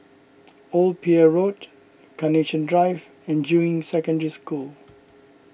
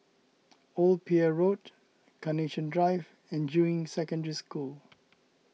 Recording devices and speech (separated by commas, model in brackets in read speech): boundary microphone (BM630), mobile phone (iPhone 6), read sentence